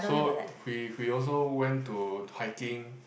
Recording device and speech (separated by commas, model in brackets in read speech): boundary microphone, conversation in the same room